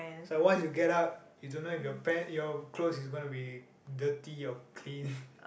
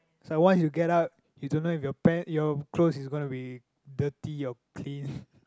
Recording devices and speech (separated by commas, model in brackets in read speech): boundary microphone, close-talking microphone, conversation in the same room